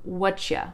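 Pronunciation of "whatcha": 'What are you' is reduced to 'whatcha'. In this isolated saying it is over-pronounced, so it is less reduced than it would be in a running sentence.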